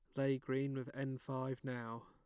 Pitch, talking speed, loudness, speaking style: 130 Hz, 195 wpm, -41 LUFS, plain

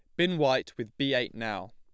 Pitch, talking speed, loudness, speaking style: 140 Hz, 235 wpm, -29 LUFS, plain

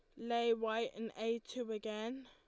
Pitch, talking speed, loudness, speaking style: 230 Hz, 175 wpm, -39 LUFS, Lombard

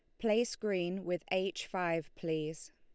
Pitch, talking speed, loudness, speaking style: 180 Hz, 140 wpm, -35 LUFS, Lombard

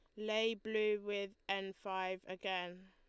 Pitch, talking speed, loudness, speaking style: 195 Hz, 135 wpm, -40 LUFS, Lombard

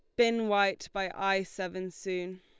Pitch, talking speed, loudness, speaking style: 195 Hz, 165 wpm, -31 LUFS, Lombard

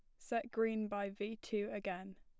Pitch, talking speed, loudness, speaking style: 210 Hz, 185 wpm, -40 LUFS, plain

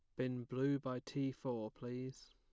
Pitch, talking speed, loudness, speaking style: 130 Hz, 170 wpm, -42 LUFS, plain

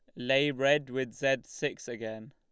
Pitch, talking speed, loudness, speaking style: 130 Hz, 170 wpm, -30 LUFS, Lombard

